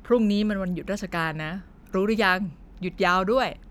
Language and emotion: Thai, neutral